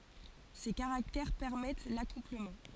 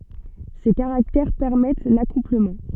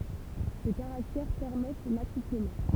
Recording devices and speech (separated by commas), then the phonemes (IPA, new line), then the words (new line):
forehead accelerometer, soft in-ear microphone, temple vibration pickup, read sentence
se kaʁaktɛʁ pɛʁmɛt lakupləmɑ̃
Ces caractères permettent l'accouplement.